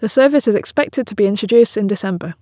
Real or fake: real